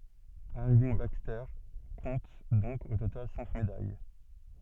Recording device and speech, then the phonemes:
soft in-ear microphone, read sentence
iʁvinɡ bakstɛʁ kɔ̃t dɔ̃k o total sɛ̃k medaj

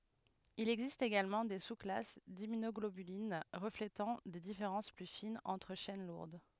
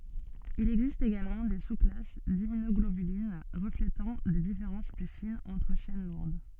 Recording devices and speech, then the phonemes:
headset microphone, soft in-ear microphone, read sentence
il ɛɡzist eɡalmɑ̃ de susklas dimmynɔɡlobylin ʁəfletɑ̃ de difeʁɑ̃s ply finz ɑ̃tʁ ʃɛn luʁd

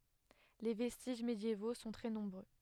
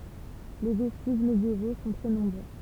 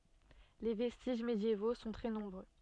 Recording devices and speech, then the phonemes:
headset microphone, temple vibration pickup, soft in-ear microphone, read sentence
le vɛstiʒ medjevo sɔ̃ tʁɛ nɔ̃bʁø

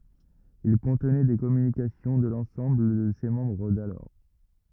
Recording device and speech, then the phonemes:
rigid in-ear microphone, read sentence
il kɔ̃tnɛ de kɔmynikasjɔ̃ də lɑ̃sɑ̃bl də se mɑ̃bʁ dalɔʁ

